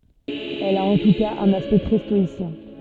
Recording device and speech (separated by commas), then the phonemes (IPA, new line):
soft in-ear microphone, read sentence
ɛl a ɑ̃ tu kaz œ̃n aspɛkt tʁɛ stɔisjɛ̃